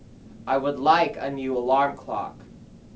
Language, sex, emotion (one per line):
English
male
neutral